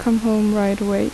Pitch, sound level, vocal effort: 210 Hz, 78 dB SPL, soft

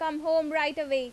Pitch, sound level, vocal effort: 310 Hz, 92 dB SPL, loud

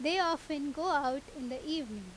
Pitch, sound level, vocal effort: 285 Hz, 89 dB SPL, very loud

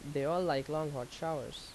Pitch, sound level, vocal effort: 155 Hz, 83 dB SPL, normal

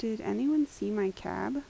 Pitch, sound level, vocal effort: 230 Hz, 80 dB SPL, soft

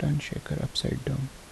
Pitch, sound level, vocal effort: 145 Hz, 68 dB SPL, soft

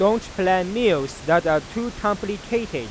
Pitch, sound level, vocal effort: 205 Hz, 97 dB SPL, loud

